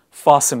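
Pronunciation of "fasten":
'Fasten' is pronounced correctly here.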